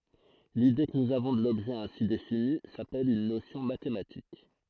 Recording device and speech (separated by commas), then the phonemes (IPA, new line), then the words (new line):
throat microphone, read sentence
lide kə nuz avɔ̃ də lɔbʒɛ ɛ̃si defini sapɛl yn nosjɔ̃ matematik
L’idée que nous avons de l’objet ainsi défini, s’appelle une notion mathématique.